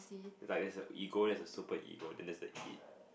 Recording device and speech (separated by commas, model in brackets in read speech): boundary microphone, conversation in the same room